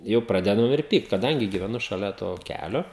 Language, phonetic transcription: Lithuanian, ˈjau ˈpradedam ir ˈpykt kaˈdangi gyveˈnu šaˈlia to ˈkælio

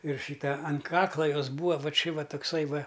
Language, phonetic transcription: Lithuanian, ir ˈšyta an ˈkakla ˈjos ˈbūva ˈva ˈči ˈva tukˈsai ˈva

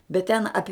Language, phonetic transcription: Lithuanian, bet ten ˈapi

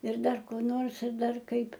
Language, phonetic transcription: Lithuanian, ir ˈdar ko ˈnors ir ˈdar ˈkaip

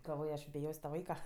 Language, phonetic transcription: Lithuanian, galˈvoj aš biˈjos' ta ˈvaika

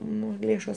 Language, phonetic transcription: Lithuanian, ˈnu ˈlėšos

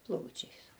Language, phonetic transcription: Lithuanian, ˈplaučiais

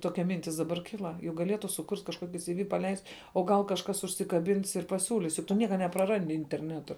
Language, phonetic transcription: Lithuanian, ˈtokia ˈmintis daˈbar ˈkila juk gaˈlietu suˈkurt' kažˈkuoki siˈvi paˈleist' o ˈgal kažˈkas užsikaˈbins ir paˈsiūlis juk ˈtu ˈnieka nepraˈrandi interˈnetu

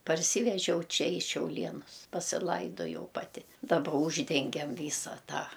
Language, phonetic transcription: Lithuanian, parˈsyvežiau ˈčia į šiauˈlienus pasiˈlaidojau ˈpati daˈba ˈūždengem ˈvysa ˈtą

